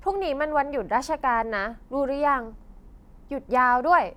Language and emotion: Thai, frustrated